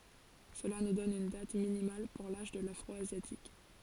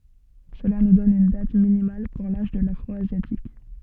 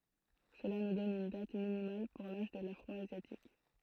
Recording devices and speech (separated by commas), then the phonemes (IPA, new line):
forehead accelerometer, soft in-ear microphone, throat microphone, read sentence
səla nu dɔn yn dat minimal puʁ laʒ də lafʁɔazjatik